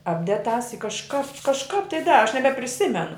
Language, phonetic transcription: Lithuanian, ˈapded tās i kažˈkāp kažˈkāp tai ˈdara aš nebepriˈsimenu

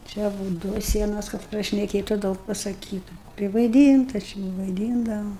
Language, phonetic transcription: Lithuanian, ˈčia būt ˈduo ˈsienos kad prašneˈkėtu ˈdaug pasaˈkytu privaiˈdynta ˈči vaiˈdyndavo

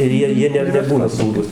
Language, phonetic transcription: Lithuanian, ir ˈjie ˈjie ne neˈbūna ˈsūrūs

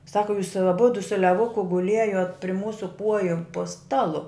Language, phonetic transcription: Lithuanian, ˈsaku jūs aˈbudu su leˈvuku guˈliejot pri ˈmūsu ˈkuoju po ˈstalu

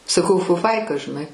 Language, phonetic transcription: Lithuanian, saˈkau fuˈfaika žiˈnai

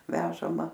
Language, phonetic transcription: Lithuanian, ˈvežama

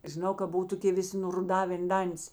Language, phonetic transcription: Lithuanian, žiˈnau ka ˈbuv toˈkė ˈvisi nuruˈdavėn ˈdantis

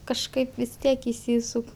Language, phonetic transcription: Lithuanian, kažˈkaip vis ˈtiek išˈsysuk

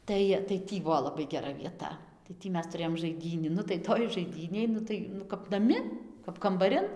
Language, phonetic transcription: Lithuanian, ˈtai tai ˈtį ˈbuo laˈbai geˈra vieˈta tai ˈtį ˈmes tuˈrėjom žaiˈdynį ˈnu tai ˈtoj žaiˈdynėj ˈnu tai nu kap naˈmi kap kambaˈrin

